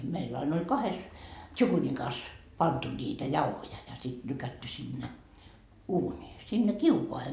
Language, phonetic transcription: Finnish, 'meill ‿ain oĺ 'kahes , "tšukunikas , pantu niitä 'jauhoja ja sit 'lykätty sinne , 'uuńii , sinne "kiukoahe .
- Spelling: meillä aina oli kahdessa tsukunikassa pantu niitä jauhoja ja sitten lykätty sinne uuniin sinne kiukaaseen

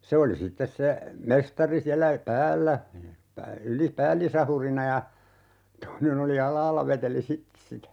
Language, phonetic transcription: Finnish, 'se oli "sittes se , 'mestari siällä , "päällä , 'yli - "päällisahurina ja , 'toinen ‿oli 'al̀aalla 'veteli "sittᵉ sitä .
- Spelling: se oli sitten se mestari siellä päällä - päällisahurina ja toinen oli alhaalla veteli sitten sitä

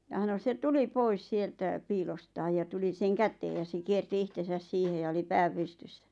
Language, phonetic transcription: Finnish, ja ʰano se 'tuli "pois 'sieltä , "piilostaaj ja 'tuli seŋ 'kätee ja se 'kierti 'ihtesäs 'siihe ja oli "pää 'pystyssä .
- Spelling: ja sanoi se tuli pois sieltä piilostaan ja tuli sen käteen ja se kiersi itsensä siihen ja oli pää pystyssä

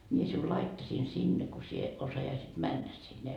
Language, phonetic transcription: Finnish, mie siul 'laittasiin 'sinne ko sie , 'osajaisit "männä sinne .
- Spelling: minä sinun laittaisin sinne kun sinä osaisit mennä sinne

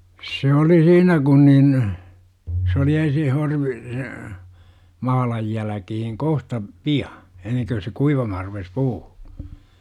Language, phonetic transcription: Finnish, 'se oli "siinä kun nin , s ‿oli 'ensin 'horvi- , se , 'mahalaj jäläkihiŋ "kohta , "pi₍a , enneŋkö se 'kuivamahar rupes "puu .
- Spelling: se oli siinä kun niin se oli ensin - se mahlan jälkeen kohta pian ennen kun se kuivamaan rupesi puu

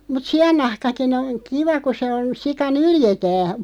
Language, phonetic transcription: Finnish, mut "si₍annahkakin ‿oŋ 'kiva ku se on , 'sika "nyljetää .
- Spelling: mutta siannahkakin on kiva kun se on sika nyljetään

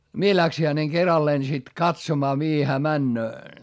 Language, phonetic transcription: Finnish, mie läksi häneŋ keralleen sit katsomaa mihi hää männöö .
- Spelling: minä lähdin hänen keralleen sitten katsomaan mihin hän menee

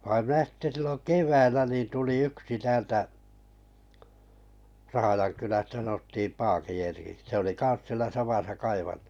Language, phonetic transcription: Finnish, vaiᵐ minä sitte 'sillon "keväillä ni tuli 'yksi 'täältä , 'Rahajankylästä sanottiim 'Paakin Erkiks , se oli 'kaa̰s sielä 'samasa 'kaivan[nossa] .
- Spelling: vaan minä sitten silloin keväällä niin tuli yksi täältä Rahjankylästä sanottiin Paakin Erkiksi se oli kanssa siellä samassa kaivannossa

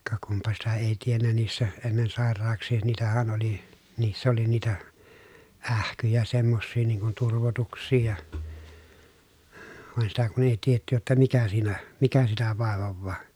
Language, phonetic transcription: Finnish, ka kumpa sitä èi tiennä niissä , ennen sàer̀aaks̀ii niitähän oli , niiss ‿oli niitä , ähkyjä semmossii niiŋ kun turvotuks̆sii ja , vàen sitä kun ‿èi tietty jotta mikä siinä , mikä sitä vàevovvaa .
- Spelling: ka kunpa sitä ei tiennyt niissä ennen sairauksia niitähän oli niissä oli niitä ähkyjä semmoisia niin kuin turvotuksia ja vaan sitä kun ei tiedetty jotta mikä siinä mikä sitä vaivaa

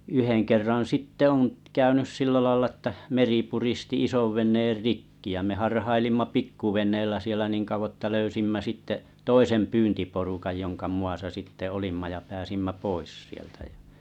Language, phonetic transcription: Finnish, 'yhen kerran̬ 'sitte’ oŋ , 'käynys 'sillä lᵃⁱlla ᵊttä 'meri puristi 'isovven̆neer "rikki ja me 'harhailimma "pikkuven̆neellä 'sielä 'niiŋ kauvo ᵉttä 'löysimmä sitte , "toisem "pyyntiporukaj joŋka 'mu₍asa sitte 'olimma ja 'pääsimmä "pois sieltä ᴊᴀ .
- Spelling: yhden kerran sitten on käynyt sillä lailla että meri puristi isonveneen rikki ja me harhailimme pikkuveneellä siellä niin kauan että löysimme sitten toisen pyyntiporukan jonka muassa sitten olimme ja pääsimme pois sieltä ja

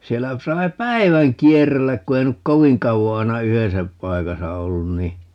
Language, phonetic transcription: Finnish, 'siellä ku 'sai̮ "päi̮väŋ "kierelläk ku 'ei nyk "koviŋ 'kauvo 'ai̮na "yhesä , 'paikasa 'ollun ni , .
- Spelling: siellä kun sai päivän kierrellä kun ei nyt kovin kauan aina yhdessä paikassa ollut niin

